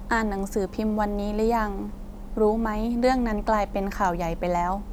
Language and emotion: Thai, neutral